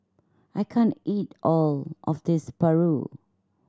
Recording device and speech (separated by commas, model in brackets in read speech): standing microphone (AKG C214), read sentence